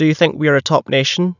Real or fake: real